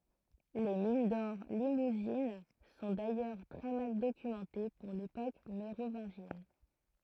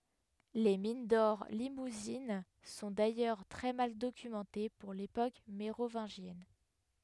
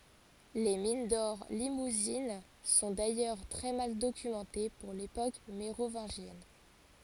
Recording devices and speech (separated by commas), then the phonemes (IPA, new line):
throat microphone, headset microphone, forehead accelerometer, read sentence
le min dɔʁ limuzin sɔ̃ dajœʁ tʁɛ mal dokymɑ̃te puʁ lepok meʁovɛ̃ʒjɛn